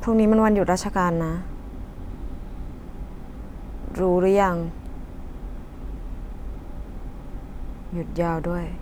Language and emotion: Thai, frustrated